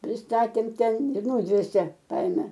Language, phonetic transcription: Lithuanian, prisˈtatėm ˈten ir ˈnūdvėsė ˈkaime

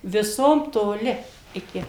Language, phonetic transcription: Lithuanian, viˈsom toˈli iˈki

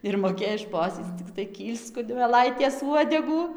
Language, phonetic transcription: Lithuanian, ir moˈkėj ˈšposyc cikˈtai ˈkyl'sc kunmeˈlaitės ˈuodegų

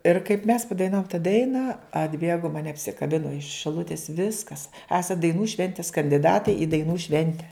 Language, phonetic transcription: Lithuanian, ir kaip mes padaiˈnavum ta ˈdaina atˈbėgo maˈne apsikaˈbino iš šiˈlutis ˈviskas ˈesat daiˈnų ˈšventis kandiˈdatai i daiˈnų ˈšvente

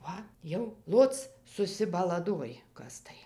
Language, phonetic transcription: Lithuanian, ˈva jau ˈloc susibalaˈdoj ˈkas tai

